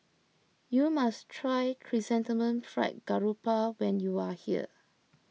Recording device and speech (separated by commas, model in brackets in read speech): mobile phone (iPhone 6), read sentence